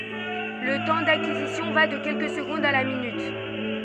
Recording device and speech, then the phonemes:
soft in-ear microphone, read sentence
lə tɑ̃ dakizisjɔ̃ va də kɛlkə səɡɔ̃dz a la minyt

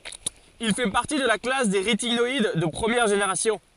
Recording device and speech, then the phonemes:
forehead accelerometer, read sentence
il fɛ paʁti də la klas de ʁetinɔid də pʁəmjɛʁ ʒeneʁasjɔ̃

